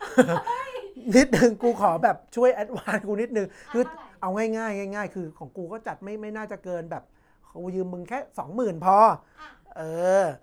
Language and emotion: Thai, happy